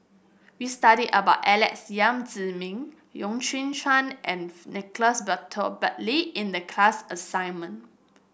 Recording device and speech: boundary microphone (BM630), read sentence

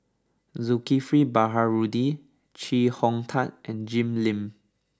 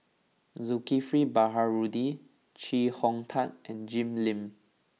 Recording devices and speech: standing microphone (AKG C214), mobile phone (iPhone 6), read sentence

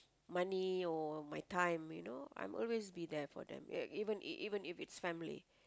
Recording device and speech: close-talking microphone, conversation in the same room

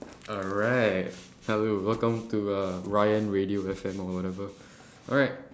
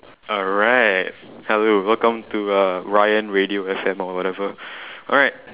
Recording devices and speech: standing microphone, telephone, conversation in separate rooms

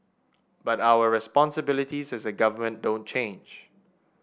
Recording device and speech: boundary microphone (BM630), read sentence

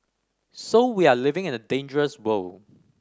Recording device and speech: standing microphone (AKG C214), read sentence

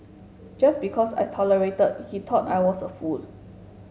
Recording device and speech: mobile phone (Samsung S8), read sentence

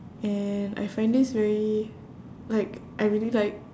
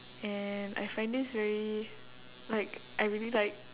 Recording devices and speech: standing microphone, telephone, conversation in separate rooms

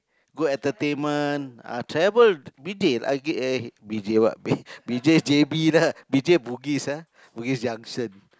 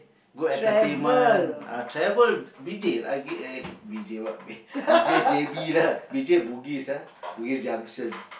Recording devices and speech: close-talking microphone, boundary microphone, conversation in the same room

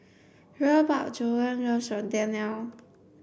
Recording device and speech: boundary microphone (BM630), read sentence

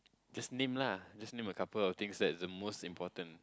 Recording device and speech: close-talking microphone, conversation in the same room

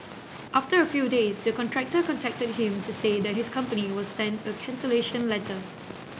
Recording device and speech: boundary microphone (BM630), read sentence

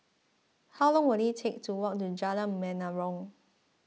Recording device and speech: mobile phone (iPhone 6), read sentence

